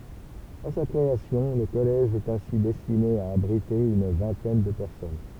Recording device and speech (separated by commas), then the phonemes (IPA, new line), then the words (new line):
temple vibration pickup, read sentence
a sa kʁeasjɔ̃ lə kɔlɛʒ ɛt ɛ̃si dɛstine a abʁite yn vɛ̃tɛn də pɛʁsɔn
À sa création, le collège est ainsi destiné à abriter une vingtaine de personnes.